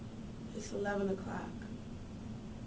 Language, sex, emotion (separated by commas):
English, female, neutral